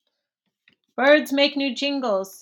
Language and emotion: English, surprised